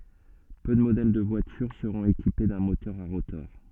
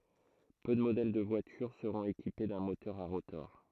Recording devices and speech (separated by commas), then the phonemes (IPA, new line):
soft in-ear microphone, throat microphone, read sentence
pø də modɛl də vwatyʁ səʁɔ̃t ekipe dœ̃ motœʁ a ʁotɔʁ